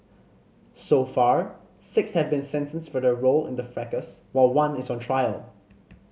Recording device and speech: mobile phone (Samsung C5010), read sentence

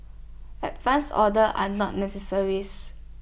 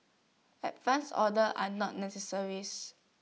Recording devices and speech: boundary microphone (BM630), mobile phone (iPhone 6), read sentence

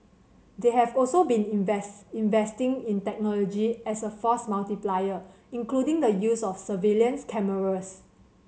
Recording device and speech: mobile phone (Samsung C7100), read sentence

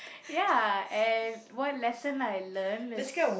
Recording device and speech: boundary microphone, conversation in the same room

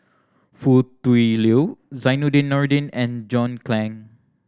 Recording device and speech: standing microphone (AKG C214), read sentence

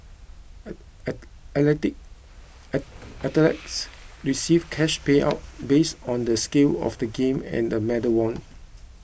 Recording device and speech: boundary microphone (BM630), read sentence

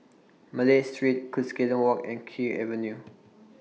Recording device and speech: mobile phone (iPhone 6), read sentence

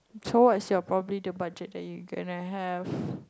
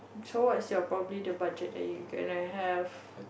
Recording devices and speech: close-talking microphone, boundary microphone, conversation in the same room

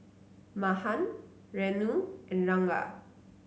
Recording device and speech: mobile phone (Samsung C9), read sentence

